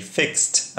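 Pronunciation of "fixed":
'Fixed' ends with a T sound, and the word is said with a little extra force.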